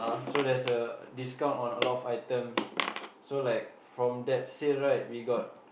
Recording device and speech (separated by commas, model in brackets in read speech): boundary microphone, conversation in the same room